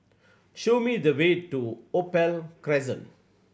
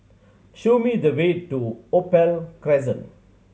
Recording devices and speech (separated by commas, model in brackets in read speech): boundary microphone (BM630), mobile phone (Samsung C7100), read sentence